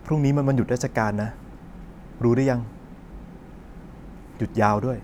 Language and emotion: Thai, frustrated